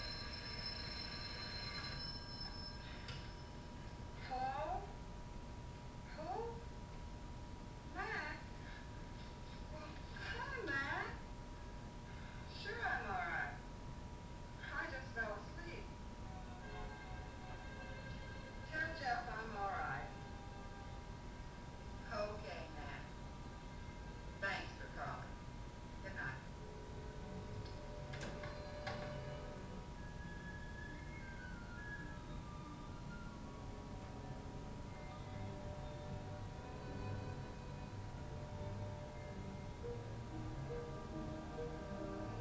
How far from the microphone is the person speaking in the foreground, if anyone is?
No main talker.